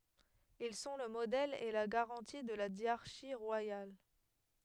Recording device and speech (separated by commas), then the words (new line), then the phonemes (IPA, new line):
headset microphone, read sentence
Ils sont le modèle et la garantie de la dyarchie royale.
il sɔ̃ lə modɛl e la ɡaʁɑ̃ti də la djaʁʃi ʁwajal